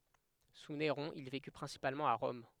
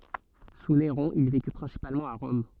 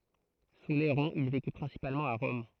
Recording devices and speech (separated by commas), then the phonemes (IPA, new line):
headset microphone, soft in-ear microphone, throat microphone, read sentence
su neʁɔ̃ il veky pʁɛ̃sipalmɑ̃t a ʁɔm